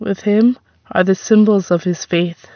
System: none